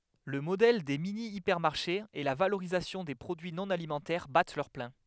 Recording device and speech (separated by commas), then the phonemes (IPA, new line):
headset microphone, read sentence
lə modɛl de minjipɛʁmaʁʃez e la valoʁizasjɔ̃ de pʁodyi nɔ̃ alimɑ̃tɛʁ bat lœʁ plɛ̃